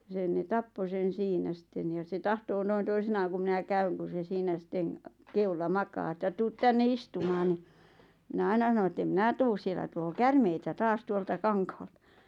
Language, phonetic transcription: Finnish, 'sen ne "tappo sen̬ 'siinä sⁱtten jᴀ se 'tahtoo noin 'toisinaaŋ ku 'minä "käyŋ ku se 'siinä 'sitteŋ , 'keulla 'makaa ᵉttä » 'tuut 'tänne "istumaan « ɴɪ , mⁱnä 'aina ˢano ᵉtt ‿em "mⁱnä̀ tuus 'sielä tuloo "kärmeitä 'taas 'tuolta 'kaŋkhaʟtᴀ .
- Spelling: sen ne tappoi sen siinä sitten ja se tahtoo noin toisinaan kun minä käyn kun se siinä sitten kedolla makaa että tule tänne istumaan niin minä aina sanon että en minä tule siellä tulee käärmeitä taas tuolta kankaalta

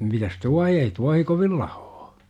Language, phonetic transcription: Finnish, mitäs "tuahi ei 'tuahi 'kovil "lAhoo .
- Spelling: mitäs tuohi ei tuohi kovin lahoa

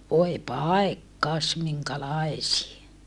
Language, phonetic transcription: Finnish, voe pàekkas miŋkälaesie !
- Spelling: voi paikkasi minkälaisia

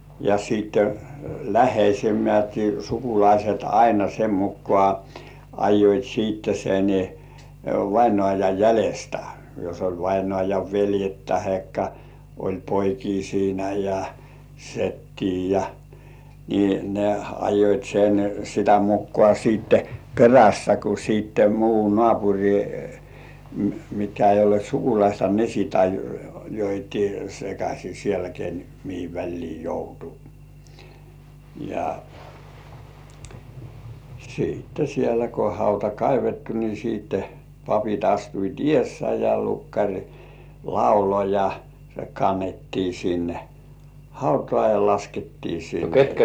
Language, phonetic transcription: Finnish, ja sitte , "läh̆heisemmät 'sukulaiset aina sem muk̆§kŏà , 'ajjoit siitte sen , 'vainŏàjaj 'jälestä , jos oĺ 'vainŏàjav "veljet tahekka , oĺ 'poikii siinä ja 'settii ja , ni ne ajjoit sen , 'sitä mukkŏà siitte "perässä ku siitte muu "nŏàpuŕi , mitkä ei ollĭèt 'sukulaista 'ne sìt 'ajjoit sekaśi sielä ken , mihi 'väĺlii "joutu , ja , siitte 'sielä ko hauta "kaivettu ni siitte , 'papit astuit "ĭ§èssä ja 'lukkaŕ "laulo ja , se 'kannettii sinne , "hautŏ§à ja 'laskettii sinne .
- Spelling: ja sitten läheisemmät sukulaiset aina sen mukaan ajoivat sitten sen vainajan jäljestä jos oli vainajan veljet tai oli poikia siinä ja setiä ja niin ne ajoivat sen sitä mukaan sitten perässä kun sitten muu naapuri mitkä ei olleet sukulaista ne sitten ajoivat sekaisin siellä ken mihin väliin joutui ja sitten siellä kun hauta kaivettu niin sitten papit astuivat edessä ja lukkari lauloi ja se kannettiin sinne hautaan ja laskettiin sinne

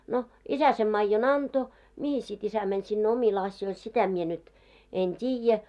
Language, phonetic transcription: Finnish, no , 'isä sem 'maijjo"n ‿anto , 'mihis sit 'isä mäń sinne 'omil 'asjoil sitä mie nyt , 'en "t́iijä .
- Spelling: no isä sen maidon antoi mihin sitten isä meni sinne omille asioille sitä minä nyt en tiedä

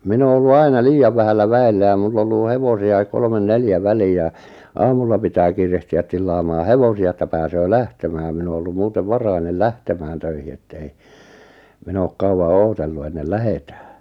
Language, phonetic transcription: Finnish, 'min ‿oo ollu 'aina "liijav 'vähällä "vä₍ellä ja 'mull ‿ollù "hevosi₍aik 'kolmen "neljä 'välii jà , 'aamulla pitää 'kiirehti₍ä 'tillaamaa "hevosi₍a että 'pääsöö "lähtemää 'min ‿o ollum 'muutev "varainel "lähtemään töihi ettei , 'min ‿ook 'kauʷa "ootellu 'ennel "lähetᴀ̈ᴀ̈ .
- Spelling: minä olen ollut aina liian vähällä väellä ja minulla ollut hevosiakin kolme neljä väliin ja aamulla pitää kiirehtiä tillaamaan hevosia että pääsee lähtemään minä olen ollut muuten varhainen lähtemään töihin että ei minä ole kauan odotellut ennen lähdetään

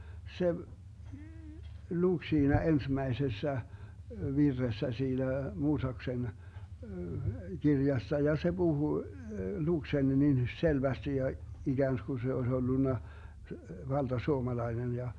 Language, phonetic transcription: Finnish, 'se , 'luk siinä 'ensmäesessä , 'virressä 'siinä , 'Muusaksen , 'kirjassa ja se 'Buhu , 'luk sen niin 'selvästi ja , 'iGäänsku se oes 'ollunna , 'valDa'suomalainen ja .
- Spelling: se luki siinä ensimmäisessä virressä siinä Mooseksen kirjassa ja se puhui luki sen niin selvästi ja ikään kuin se olisi ollut valtasuomalainen ja

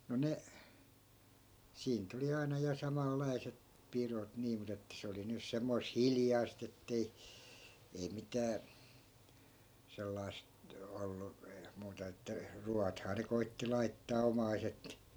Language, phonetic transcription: Finnish, no ne , 'siin nyt ‿oli 'aina ja 'samallai̮se(t) , "pirot nii mut ‿että 'se oli nys 'semmois "hiljai̮st ‿ettei , ei 'mitää , 'sellai̮st , 'ollu , 'muuta että , "ruathaa ne 'koitti 'laittaa "omaiset .
- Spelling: no ne siinä nyt oli aina ja samanlaiset pidot niin mutta että se oli nyt semmoista hiljaista että ei ei mitään sellaista ollut muuta että ruoathan ne koetti laittaa omaiset

